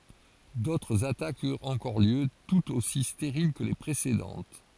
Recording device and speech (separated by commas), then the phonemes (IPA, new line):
forehead accelerometer, read sentence
dotʁz atakz yʁt ɑ̃kɔʁ ljø tutz osi steʁil kə le pʁesedɑ̃t